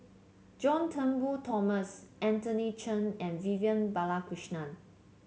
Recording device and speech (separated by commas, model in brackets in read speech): mobile phone (Samsung C7), read sentence